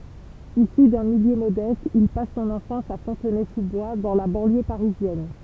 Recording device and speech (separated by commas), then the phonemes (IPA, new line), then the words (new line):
temple vibration pickup, read sentence
isy dœ̃ miljø modɛst il pas sɔ̃n ɑ̃fɑ̃s a fɔ̃tnɛzuzbwa dɑ̃ la bɑ̃ljø paʁizjɛn
Issu d'un milieu modeste, il passe son enfance à Fontenay-sous-Bois, dans la banlieue parisienne.